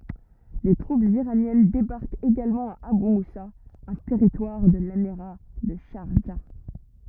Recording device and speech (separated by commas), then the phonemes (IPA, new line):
rigid in-ear microphone, read sentence
de tʁupz iʁanjɛn debaʁkt eɡalmɑ̃ a aby musa œ̃ tɛʁitwaʁ də lemiʁa də ʃaʁʒa